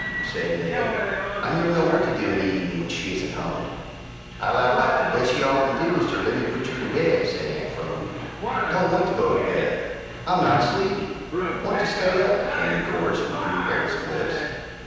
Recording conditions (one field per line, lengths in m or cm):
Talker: one person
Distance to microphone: 7.1 m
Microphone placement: far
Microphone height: 1.7 m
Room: very reverberant, large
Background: television